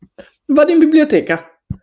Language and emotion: Italian, happy